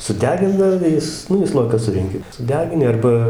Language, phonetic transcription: Lithuanian, suˈdegindavo ˈjis ˈnu į ˈslojiką ˈsurenki suˈdegini ˈarba

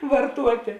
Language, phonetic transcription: Lithuanian, varˈtuotė

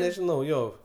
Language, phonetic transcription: Lithuanian, nežiˈnau ˈjo

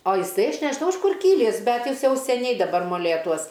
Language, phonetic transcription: Lithuanian, o jiˈsai ˈaš nežiˈnau iš ˈkur ˈkylįs ˈbet ˈjis ˈjau seˈniai daˈbar moˈlėtuos

